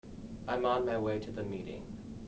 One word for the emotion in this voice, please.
neutral